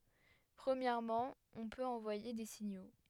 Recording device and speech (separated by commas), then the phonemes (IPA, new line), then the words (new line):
headset microphone, read sentence
pʁəmjɛʁmɑ̃ ɔ̃ pøt ɑ̃vwaje de siɲo
Premièrement, on peut envoyer des signaux.